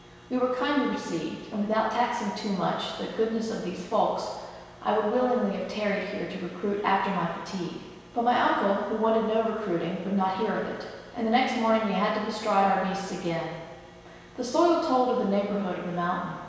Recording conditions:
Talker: one person; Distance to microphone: 1.7 m; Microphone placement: close; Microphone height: 1.0 m; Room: very reverberant, large; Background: none

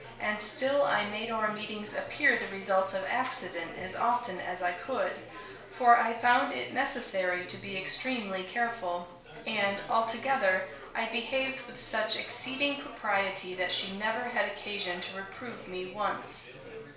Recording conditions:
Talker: one person; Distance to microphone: 1.0 m; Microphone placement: close; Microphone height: 1.1 m; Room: small (3.7 m by 2.7 m); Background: babble

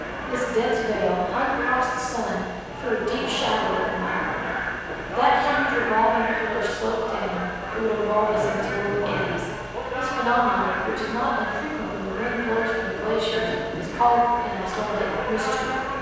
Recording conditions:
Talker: one person; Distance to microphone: 7.1 m; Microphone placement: far; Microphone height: 1.7 m; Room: very reverberant, large; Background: television

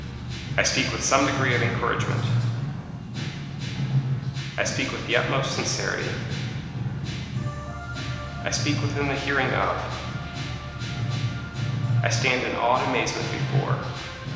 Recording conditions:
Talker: one person; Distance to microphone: 1.7 m; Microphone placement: close; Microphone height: 1.0 m; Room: very reverberant, large; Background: music

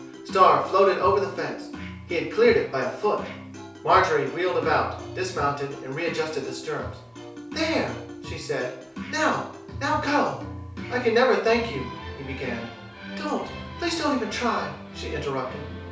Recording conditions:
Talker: one person; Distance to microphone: 3.0 m; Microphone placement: far; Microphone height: 1.8 m; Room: small (3.7 m by 2.7 m); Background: music

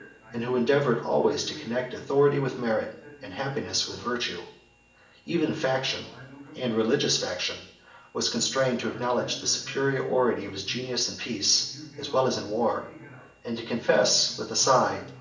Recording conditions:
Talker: one person; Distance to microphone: 1.8 m; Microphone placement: close; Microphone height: 1.0 m; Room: large; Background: television

